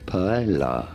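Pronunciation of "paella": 'paella' is said the way most people in English-speaking countries say it: the double L is pronounced as an L sound, not as the y sound used in Spanish.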